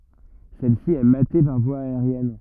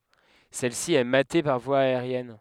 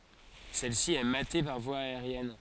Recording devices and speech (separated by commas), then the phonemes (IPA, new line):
rigid in-ear microphone, headset microphone, forehead accelerometer, read sentence
sɛlsi ɛ mate paʁ vwa aeʁjɛn